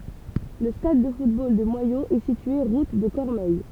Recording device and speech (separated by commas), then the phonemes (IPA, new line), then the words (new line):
temple vibration pickup, read sentence
lə stad də futbol də mwajoz ɛ sitye ʁut də kɔʁmɛj
Le stade de football de Moyaux est situé route de Cormeilles.